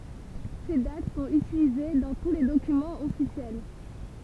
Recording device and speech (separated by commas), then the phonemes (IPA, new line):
temple vibration pickup, read sentence
se dat sɔ̃t ytilize dɑ̃ tu le dokymɑ̃z ɔfisjɛl